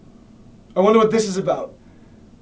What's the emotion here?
angry